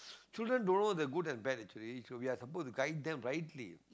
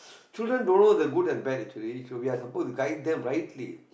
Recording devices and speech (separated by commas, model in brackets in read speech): close-talking microphone, boundary microphone, conversation in the same room